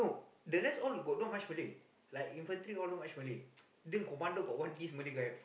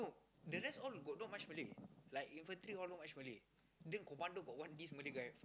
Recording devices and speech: boundary microphone, close-talking microphone, conversation in the same room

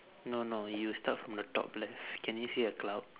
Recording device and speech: telephone, conversation in separate rooms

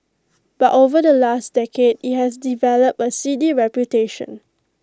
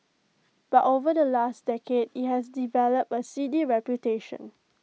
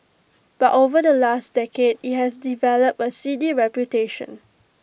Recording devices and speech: close-talking microphone (WH20), mobile phone (iPhone 6), boundary microphone (BM630), read sentence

